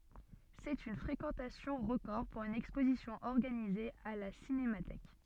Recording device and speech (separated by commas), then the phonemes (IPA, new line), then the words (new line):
soft in-ear microphone, read sentence
sɛt yn fʁekɑ̃tasjɔ̃ ʁəkɔʁ puʁ yn ɛkspozisjɔ̃ ɔʁɡanize a la sinematɛk
C'est une fréquentation record pour une exposition organisée à la Cinémathèque.